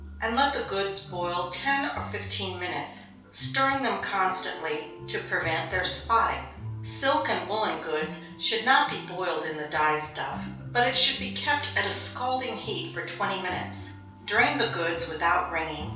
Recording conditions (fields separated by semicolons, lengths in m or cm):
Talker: one person; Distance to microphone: 3.0 m; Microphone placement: far; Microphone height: 1.8 m; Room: small (3.7 m by 2.7 m); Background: music